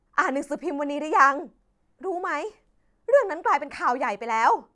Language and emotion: Thai, frustrated